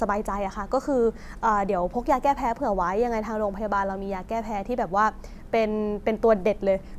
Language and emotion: Thai, neutral